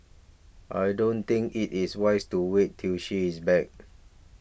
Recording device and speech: boundary microphone (BM630), read sentence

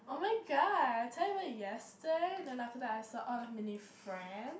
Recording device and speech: boundary microphone, conversation in the same room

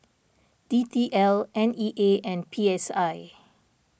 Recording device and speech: boundary microphone (BM630), read sentence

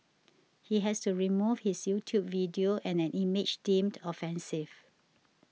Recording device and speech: mobile phone (iPhone 6), read sentence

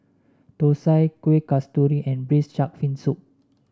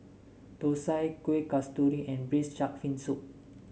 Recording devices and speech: standing microphone (AKG C214), mobile phone (Samsung S8), read sentence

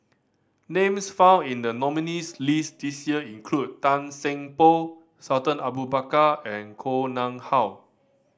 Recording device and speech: standing microphone (AKG C214), read sentence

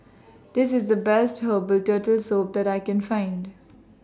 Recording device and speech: standing microphone (AKG C214), read sentence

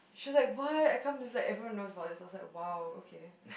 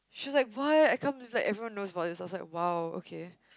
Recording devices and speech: boundary microphone, close-talking microphone, conversation in the same room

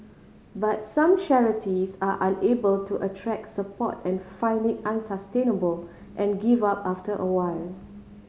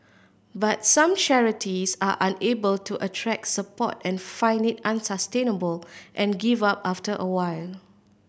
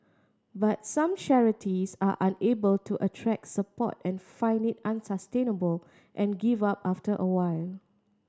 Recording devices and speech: mobile phone (Samsung C5010), boundary microphone (BM630), standing microphone (AKG C214), read sentence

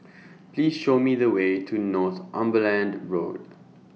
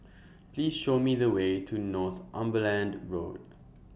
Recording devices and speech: mobile phone (iPhone 6), boundary microphone (BM630), read sentence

